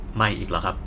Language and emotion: Thai, neutral